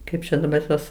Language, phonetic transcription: Lithuanian, ˈkaip čia daˈbar ˈtuos

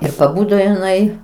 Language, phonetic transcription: Lithuanian, ir paˈbudo iˈnai

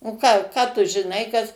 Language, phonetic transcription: Lithuanian, o ˈką ką tu žiˈnai kas

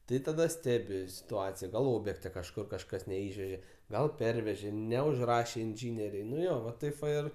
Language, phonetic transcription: Lithuanian, ˈtai taˈda ˈstebi situˈacija gal ˈobjekte kažˈkur kažˈkas neˈišvežė ˈgal ˈpervežė neužˈrašė inˈžyneriai nu ˈjo va ˈtaip va ˈir

